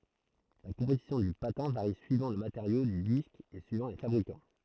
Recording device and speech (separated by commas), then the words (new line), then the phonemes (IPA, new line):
throat microphone, read sentence
La composition du patin varie suivant le matériau du disque et suivant les fabricants.
la kɔ̃pozisjɔ̃ dy patɛ̃ vaʁi syivɑ̃ lə mateʁjo dy disk e syivɑ̃ le fabʁikɑ̃